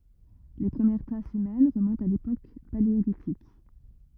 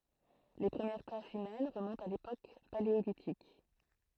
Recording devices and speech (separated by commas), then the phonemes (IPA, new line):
rigid in-ear microphone, throat microphone, read sentence
le pʁəmjɛʁ tʁasz ymɛn ʁəmɔ̃tt a lepok paleolitik